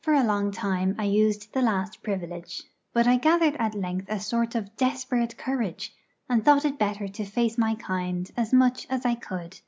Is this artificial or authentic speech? authentic